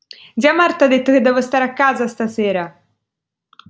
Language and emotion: Italian, happy